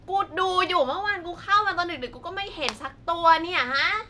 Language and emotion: Thai, frustrated